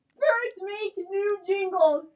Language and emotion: English, fearful